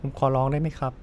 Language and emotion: Thai, sad